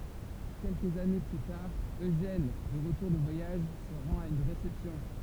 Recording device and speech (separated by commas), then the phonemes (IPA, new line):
temple vibration pickup, read sentence
kɛlkəz ane ply taʁ øʒɛn də ʁətuʁ də vwajaʒ sə ʁɑ̃t a yn ʁesɛpsjɔ̃